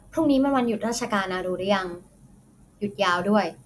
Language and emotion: Thai, neutral